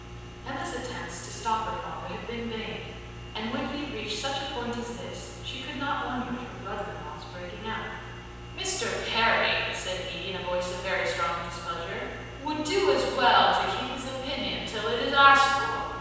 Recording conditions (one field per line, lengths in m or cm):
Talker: one person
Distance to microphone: 7.1 m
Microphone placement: far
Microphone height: 1.7 m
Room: very reverberant, large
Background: none